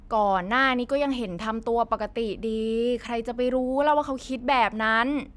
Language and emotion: Thai, frustrated